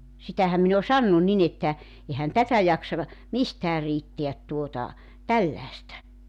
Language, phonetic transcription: Finnish, 'sitähäm min ‿o "sannu 'nin ‿että , 'ehän "tätä 'jaksa (ka) , "mistää 'riitteät tuota , "tälläᵉstä .
- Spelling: sitähän minä olen sanonut niin että eihän tätä jaksa ka mistään riittää tuota tällaista

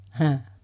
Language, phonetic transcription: Finnish, hä̰ .
- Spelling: häh

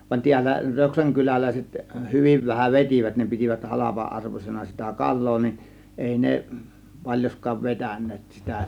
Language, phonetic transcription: Finnish, van tiällä 'Röksäŋ 'kylälä̀iset 'hyviv vähäv "vet͕ivät ne pitivät "halapa₍'ˀarvosena sitä "kal̆loo nin , "èi 'ne , 'paĺjoskaav 'vetäǹeet sitä .
- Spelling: vaan täällä Röksän kyläläiset hyvin vähän vetivät ne pitivät halpa-arvoisena sitä kalaa niin ei ne paljonkaan vetäneet sitä

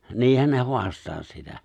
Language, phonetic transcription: Finnish, 'niihän ne 'ho̭astaa sitä .
- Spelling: niinhän ne haastaa sitä

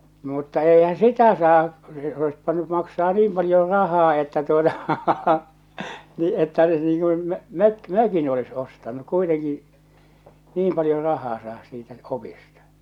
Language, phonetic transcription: Finnish, mutta èihää̰ "sitä saa , se ois pⁱtäny maksaa 'niim paljor 'rahaa että tuota , nii että se nii kun , 'mök- "mökin olis ostanu , kuiteŋki , 'niim paljo 'rahaa saahas siitä , 'opista .
- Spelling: mutta eihän sitä saa se olisi pitänyt maksaa niin paljon rahaa että tuota niin että se niin kuin - mökin olisi ostanut kuitenkin niin paljon rahaa saada siitä opista

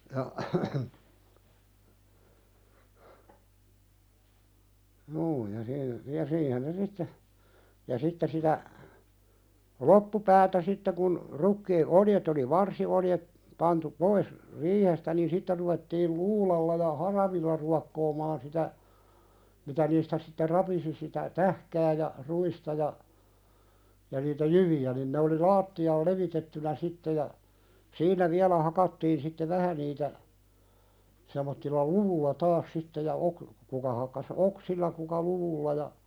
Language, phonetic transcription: Finnish, ja , 'juu ja sii- , ja "siihen ne 'sitte , ja 'sitte sitä , "loppupäätä 'sitte kun , 'rukkii "'oljet ‿oli "varsioljet , pantu 'pois , "riihestä niin 'sitte ruvettiil "luulalla ja "haravilla ruakkoomaan sitä , mitä niistä sitte "rapisi sitä , "tähkää ja , "ru₍ista ja , ja niitä "jyvi₍ä nin ne oli "laatti₍aal 'levitettynä "sitte ja , "siin̆nä viälä 'hakattiin sitte "vähä niitä , sem̆mottilla "luvulla 'taas sitte ja ok- , kuka hakkas "oksilla kuka 'luvulla ja ,.
- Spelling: ja juu ja - ja siihen ne sitten ja sitten sitä loppupäätä sitten kun rukiit oljet oli varsioljet pantu pois riihestä niin sitten ruvettiin luudalla ja haravilla ruokkoamaan sitä mitä niistä sitten rapisi sitä tähkää ja ruista ja ja niitä jyviä niin ne oli lattialle levitettynä sitten ja siinä vielä hakattiin sitten vähän niitä semmoisella luvulla taas sitten ja - kuka hakkasi oksilla kuka luvulla ja

